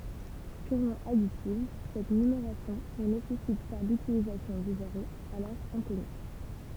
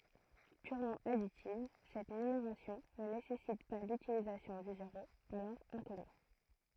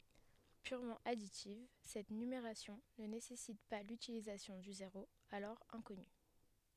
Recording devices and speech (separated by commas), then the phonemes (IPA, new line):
temple vibration pickup, throat microphone, headset microphone, read sentence
pyʁmɑ̃ aditiv sɛt nymeʁasjɔ̃ nə nesɛsit pa lytilizasjɔ̃ dy zeʁo alɔʁ ɛ̃kɔny